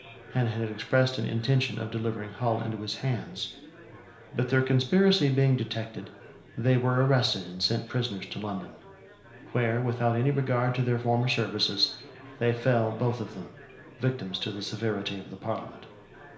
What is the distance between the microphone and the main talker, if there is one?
1.0 m.